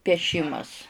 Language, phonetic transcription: Lithuanian, pieˈšimas

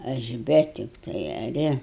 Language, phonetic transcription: Lithuanian, ˈaš ˈbe tikˈtai aˈri

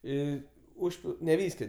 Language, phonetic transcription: Lithuanian, ˈį ˈužpil ne ˈvyskio

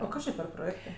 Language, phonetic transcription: Lithuanian, o ˈkas či per proˈjėktɜ

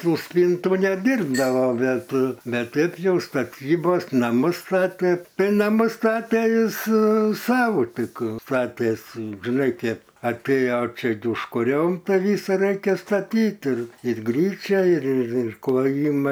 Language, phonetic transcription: Lithuanian, ˈtų ˈspyntų neˈdyrbdava ˈbet ˈbet ˈteip ˈjau staˈtybos naˈmus ˈstatė ˈtai naˈmus ˈstatė ˈjis ˈsau ˈtik ˈstatėsi žiˈnai ˈkep atˈėjo ˈčia užkuˈriom ˈtą ˈvysą ˈreikia staˈtyt ir ir ˈgryčia ir ir kloˈjima

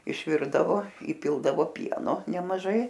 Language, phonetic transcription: Lithuanian, išˈvirdavo įˈpildavo ˈpieno nemaˈžai

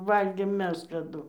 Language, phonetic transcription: Lithuanian, ˈvalgėm ˈmes kaˈdu

